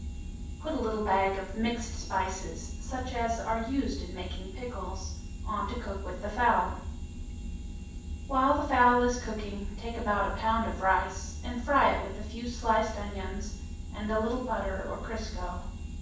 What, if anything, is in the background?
Nothing.